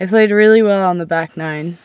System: none